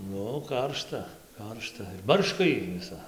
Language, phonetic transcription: Lithuanian, ˈnu ˈkaršta ˈkaršta ˈbarška ˈjy viˈsa

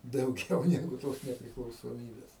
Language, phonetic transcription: Lithuanian, dauˈgiau ˈnegu tos nepriklausoˈmybes

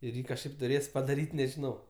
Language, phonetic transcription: Lithuanian, ir ˈjį kažˈkaip tuˈrės padaˈryt' nežiˈnau

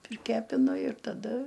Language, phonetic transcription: Lithuanian, priˈkepinu ir taˈda

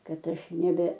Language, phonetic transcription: Lithuanian, ˈkad ˈaš neˈbe

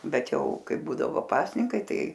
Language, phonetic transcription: Lithuanian, ˈbet ˈjau ˈkai ˈbūdavo ˈpasninkai ˈtai

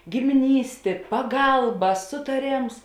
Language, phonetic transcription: Lithuanian, gimiˈnystė paˈgalba sutaˈrėms

